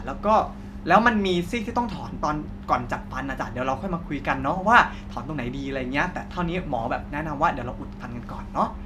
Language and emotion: Thai, neutral